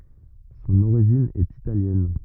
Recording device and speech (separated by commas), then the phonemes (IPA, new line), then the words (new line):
rigid in-ear microphone, read sentence
sɔ̃n oʁiʒin ɛt italjɛn
Son origine est italienne.